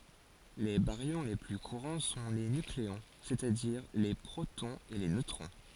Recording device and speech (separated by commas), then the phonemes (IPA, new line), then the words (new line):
forehead accelerometer, read sentence
le baʁjɔ̃ le ply kuʁɑ̃ sɔ̃ le nykleɔ̃ sɛstadiʁ le pʁotɔ̃z e le nøtʁɔ̃
Les baryons les plus courants sont les nucléons, c'est-à-dire les protons et les neutrons.